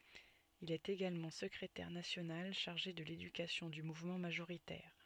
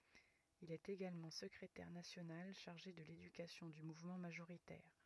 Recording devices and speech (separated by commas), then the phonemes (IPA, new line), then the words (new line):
soft in-ear microphone, rigid in-ear microphone, read sentence
il ɛt eɡalmɑ̃ səkʁetɛʁ nasjonal ʃaʁʒe də ledykasjɔ̃ dy muvmɑ̃ maʒoʁitɛʁ
Il est également secrétaire national chargé de l'éducation du mouvement majoritaire.